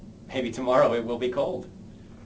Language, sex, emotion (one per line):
English
male
happy